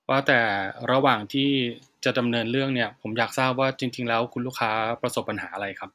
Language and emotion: Thai, neutral